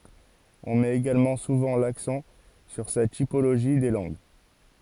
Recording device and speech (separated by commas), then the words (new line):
forehead accelerometer, read sentence
On met également souvent l'accent sur sa typologie des langues.